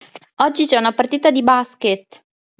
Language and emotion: Italian, happy